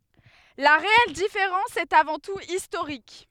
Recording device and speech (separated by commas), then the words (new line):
headset microphone, read sentence
La réelle différence est avant tout historique.